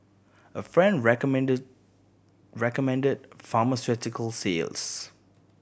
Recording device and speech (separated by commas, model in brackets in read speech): boundary microphone (BM630), read sentence